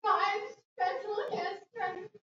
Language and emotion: English, fearful